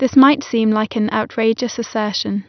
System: none